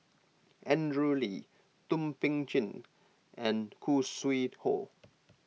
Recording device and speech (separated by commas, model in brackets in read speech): mobile phone (iPhone 6), read sentence